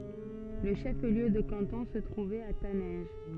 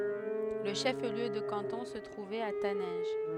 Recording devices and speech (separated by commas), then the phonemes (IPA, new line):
soft in-ear microphone, headset microphone, read sentence
lə ʃəfliø də kɑ̃tɔ̃ sə tʁuvɛt a tanɛ̃ʒ